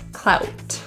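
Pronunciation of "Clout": In 'clout', the vowel is a quick 'ow' diphthong.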